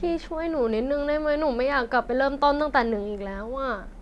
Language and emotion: Thai, frustrated